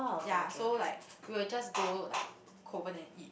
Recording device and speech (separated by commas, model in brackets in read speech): boundary microphone, conversation in the same room